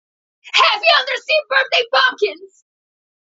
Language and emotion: English, fearful